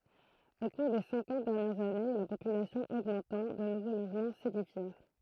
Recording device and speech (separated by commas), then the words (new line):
throat microphone, read sentence
Au cours des cinquante dernières années, la population augmentant, de nouveaux logements s’édifièrent.